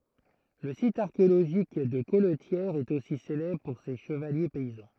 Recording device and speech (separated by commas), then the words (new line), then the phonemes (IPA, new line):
throat microphone, read sentence
Le site archéologique de Colletière est aussi célèbre pour ses chevaliers paysans.
lə sit aʁkeoloʒik də kɔltjɛʁ ɛt osi selɛbʁ puʁ se ʃəvalje pɛizɑ̃